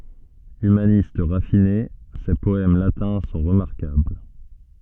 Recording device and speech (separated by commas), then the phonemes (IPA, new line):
soft in-ear microphone, read sentence
ymanist ʁafine se pɔɛm latɛ̃ sɔ̃ ʁəmaʁkabl